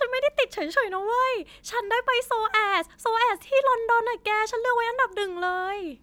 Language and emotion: Thai, happy